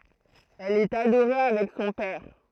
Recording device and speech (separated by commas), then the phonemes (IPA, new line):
throat microphone, read sentence
ɛl ɛt adoʁe avɛk sɔ̃ pɛʁ